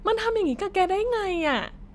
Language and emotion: Thai, frustrated